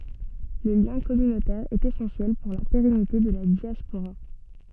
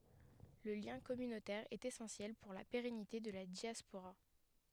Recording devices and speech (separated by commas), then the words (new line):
soft in-ear microphone, headset microphone, read sentence
Le lien communautaire est essentiel pour la pérennité de la diaspora.